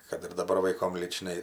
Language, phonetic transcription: Lithuanian, kad ir daˈbar vaiˈkom lyčˈnai

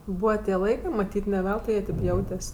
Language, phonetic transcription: Lithuanian, ˈbūva tie ˈlaikɜ maˈtyt' ne ˈveltui ˈjie ˈtėp ˈjautes'

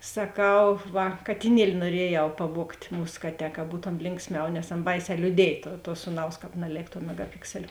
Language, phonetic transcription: Lithuanian, saˈkau ˈva katiˈnieli nuoˈriejau paˈvuogt' ˈmūs ˈkaˌtē ka ˈbūtom ˈlinksˌmiau nes ˈana ˈbaiˌsē liūˈdiej ˈtuo tuo ˈsūˌnaus ˈkāp naˈlėk tuo megaˈpiksel'

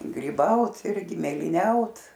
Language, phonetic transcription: Lithuanian, gryˈbaut ˈirgi mėlyˈniaut

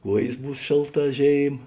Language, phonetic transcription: Lithuanian, ˈkuojės ˈbūs ˈšėlˌtā ˈžėim

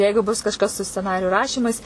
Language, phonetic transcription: Lithuanian, ˈjeigu bus kažˈkas su sceˈnariju ˈrašymais

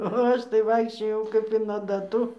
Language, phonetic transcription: Lithuanian, o ˈaš tai ˈvaikščiojau kap in adaˈtų

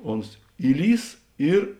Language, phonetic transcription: Lithuanian, ˈons ˈįˌlįs ˈir

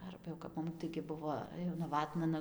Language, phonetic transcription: Lithuanian, ˈarba jau kap ˈmum taigi ˈbuvo jau naˈvatna ˈnu

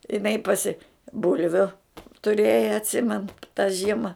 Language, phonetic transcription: Lithuanian, iˈnai paˈsi ˈbulviu tuˈrėja atˈsimenu ta ˈžiema

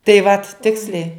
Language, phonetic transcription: Lithuanian, tai vat ˈtiksliai

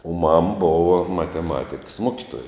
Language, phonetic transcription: Lithuanian, o mam ˈbova mateˈmatikas ˈmokitoja

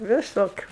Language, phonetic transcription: Lithuanian, viˈsokiu

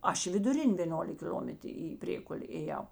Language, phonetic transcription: Lithuanian, ˈaš i viduˈrin' vėˈnolik kil'omet į ˈprėkulė ėˈjau

